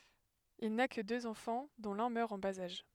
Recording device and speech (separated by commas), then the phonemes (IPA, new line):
headset microphone, read sentence
il na kə døz ɑ̃fɑ̃ dɔ̃ lœ̃ mœʁ ɑ̃ baz aʒ